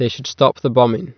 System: none